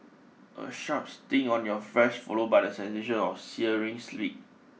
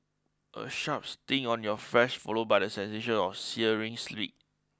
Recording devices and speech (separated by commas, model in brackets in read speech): mobile phone (iPhone 6), close-talking microphone (WH20), read sentence